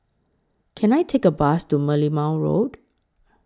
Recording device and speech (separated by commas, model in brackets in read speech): close-talking microphone (WH20), read sentence